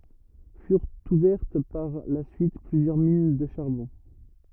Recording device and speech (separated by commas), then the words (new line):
rigid in-ear microphone, read sentence
Furent ouvertes par la suite plusieurs mines de charbon.